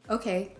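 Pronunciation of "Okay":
'Okay' is said in an agreeing tone.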